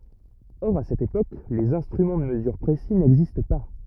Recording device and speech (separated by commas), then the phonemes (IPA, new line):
rigid in-ear microphone, read sentence
ɔʁ a sɛt epok lez ɛ̃stʁymɑ̃ də məzyʁ pʁesi nɛɡzist pa